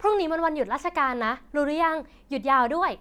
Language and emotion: Thai, happy